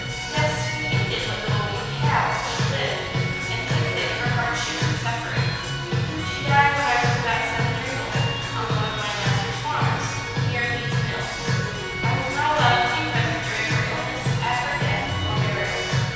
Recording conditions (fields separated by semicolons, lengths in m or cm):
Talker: one person; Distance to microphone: 7.1 m; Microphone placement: far; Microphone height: 1.7 m; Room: very reverberant, large; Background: music